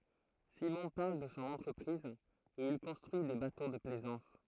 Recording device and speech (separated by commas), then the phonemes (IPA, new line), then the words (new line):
throat microphone, read sentence
simɔ̃ paʁl də sɔ̃ ɑ̃tʁəpʁiz u il kɔ̃stʁyi de bato də plɛzɑ̃s
Simon parle de son entreprise, où il construit des bateaux de plaisance.